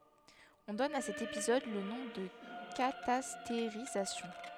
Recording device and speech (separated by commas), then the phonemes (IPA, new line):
headset microphone, read sentence
ɔ̃ dɔn a sɛt epizɔd lə nɔ̃ də katasteʁizasjɔ̃